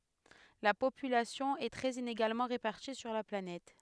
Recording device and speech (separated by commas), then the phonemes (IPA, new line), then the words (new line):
headset microphone, read sentence
la popylasjɔ̃ ɛ tʁɛz ineɡalmɑ̃ ʁepaʁti syʁ la planɛt
La population est très inégalement répartie sur la planète.